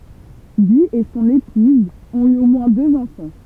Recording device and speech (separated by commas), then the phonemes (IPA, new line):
temple vibration pickup, read sentence
ɡi e sɔ̃n epuz ɔ̃t y o mwɛ̃ døz ɑ̃fɑ̃